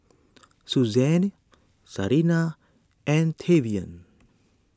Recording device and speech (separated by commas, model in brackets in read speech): standing microphone (AKG C214), read sentence